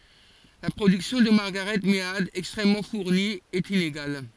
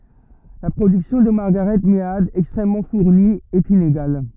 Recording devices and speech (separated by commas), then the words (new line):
forehead accelerometer, rigid in-ear microphone, read sentence
La production de Margaret Mead, extrêmement fournie, est inégale.